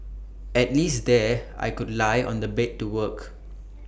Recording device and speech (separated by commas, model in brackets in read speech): boundary microphone (BM630), read sentence